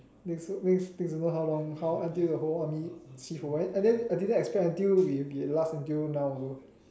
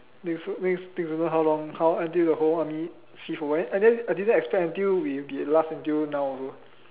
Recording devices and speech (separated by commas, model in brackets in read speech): standing microphone, telephone, conversation in separate rooms